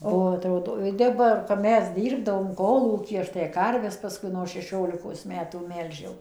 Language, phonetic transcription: Lithuanian, o aˈtrodo ˈtep va ir kap ˈmes ˈdirbdavom ˈkolūky ˈaš tai ˈkarves paˈskui no šeˈšiolikos ˈmetų ˈmelžiau

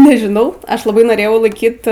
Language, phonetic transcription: Lithuanian, nežiˈnau ˈaš laˈbai noˈrėjau laiˈkyt

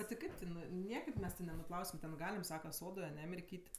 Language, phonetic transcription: Lithuanian, bet ti ˈkaip tiˈnui ˈniekaip ˈmes ti nenuˈplausim ten ˈgalim ˈsaka ˈsodoj aˈne mirˈkyt'

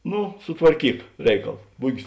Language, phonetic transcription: Lithuanian, ˈnu sutvarˈkyk ˈreikal ˈbugis

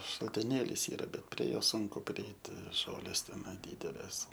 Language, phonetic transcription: Lithuanian, šaltiˈnėlys ˈyra ˈbet prie ˈjo ˈsunku priˈeiti ˈžolės teˈnai ˈdydelės

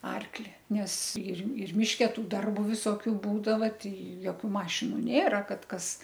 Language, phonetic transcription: Lithuanian, ˈarkli ˈnes ir ir ˈmiške ˈtų ˈdarbu viˈsokiu ˈbūdava ˈtai joˈkių ˈmašinu ˈnėra ˈkad ˈkas

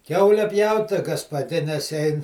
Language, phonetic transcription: Lithuanian, ˈkiaule ˈpjaut tai gapaˈdines ˈein

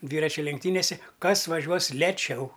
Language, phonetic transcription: Lithuanian, ˈdvyračiu lenkˈtynėse ˈkas vaˈžiuos leˈčiau

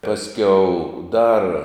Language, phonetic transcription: Lithuanian, ˈpasˌkiau dar

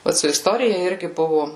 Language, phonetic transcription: Lithuanian, ˈvat su isˈtorija ˈirgi ˈbuvu

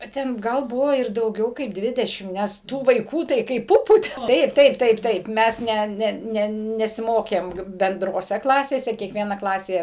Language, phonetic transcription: Lithuanian, a ˈten ˈgal ˈbuvo ir dauˈgiau kaip ˈdvidešim nes ˈtų vaiˈkų tai kaip ˈpupų ˈtaip ˈtaip ˈtaip ˈtaip ˈmes ˈne ˈne ˈne nesiˈmokėm bendroˈse ˈklasėse kiekˈviena ˈklasė

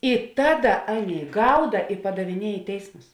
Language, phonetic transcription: Lithuanian, i ˈtaˌda ˈaˌnėi ˈgauda i padaviˈnie i ˈteismus

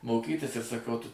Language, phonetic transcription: Lithuanian, moˈkytis ir saˈkau ˈtu

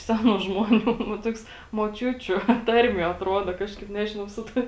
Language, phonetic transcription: Lithuanian, ˈsenų žmoˈnių va ˈtoks moˈčiučiu ˈtarmie atˈruoda ˈkažkaip ˈnežinau ˈsu tai

